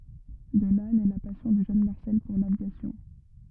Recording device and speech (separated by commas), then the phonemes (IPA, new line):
rigid in-ear microphone, read sentence
də la nɛ la pasjɔ̃ dy ʒøn maʁsɛl puʁ lavjasjɔ̃